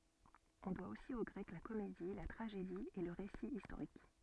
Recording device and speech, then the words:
soft in-ear microphone, read sentence
On doit aussi aux Grecs la comédie, la tragédie et le récit historique.

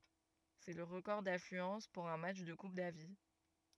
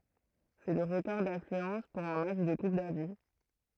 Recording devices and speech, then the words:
rigid in-ear microphone, throat microphone, read sentence
C'est le record d'affluence pour un match de Coupe Davis.

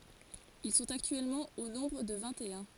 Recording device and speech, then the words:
forehead accelerometer, read sentence
Ils sont actuellement au nombre de vingt-et-un.

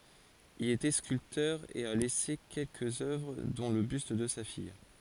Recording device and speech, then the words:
forehead accelerometer, read sentence
Il était sculpteur et a laissé quelques œuvres dont le buste de sa fille.

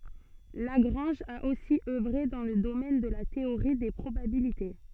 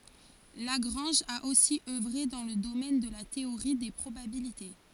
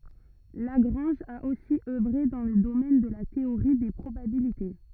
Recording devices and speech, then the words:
soft in-ear microphone, forehead accelerometer, rigid in-ear microphone, read sentence
Lagrange a aussi œuvré dans le domaine de la théorie des probabilités.

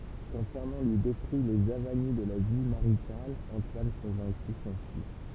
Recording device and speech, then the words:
temple vibration pickup, read sentence
Quand Fernand lui décrit les avanies de la vie maritale, Antoine convaincu s'enfuit.

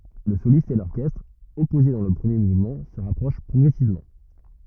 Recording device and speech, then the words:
rigid in-ear microphone, read sentence
Le soliste et l'orchestre, opposés dans le premier mouvement, se rapprochent progressivement.

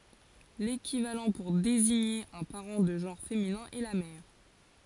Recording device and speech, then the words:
forehead accelerometer, read sentence
L'équivalent pour désigner un parent de genre féminin est la mère.

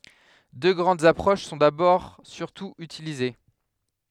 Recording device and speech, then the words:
headset microphone, read sentence
Deux grandes approches sont d'abord surtout utilisées.

